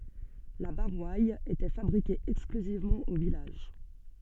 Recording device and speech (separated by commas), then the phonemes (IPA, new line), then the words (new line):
soft in-ear microphone, read sentence
la boʁwal etɛ fabʁike ɛksklyzivmɑ̃ o vilaʒ
La Boroille était fabriquée exclusivement au village.